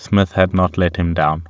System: none